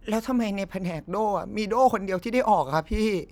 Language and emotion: Thai, sad